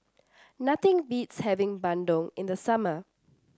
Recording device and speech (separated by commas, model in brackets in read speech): standing microphone (AKG C214), read sentence